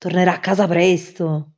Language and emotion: Italian, surprised